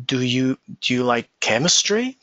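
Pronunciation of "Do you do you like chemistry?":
In 'Do you like chemistry?', 'chemistry' is the prominent word.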